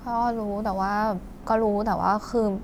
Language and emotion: Thai, frustrated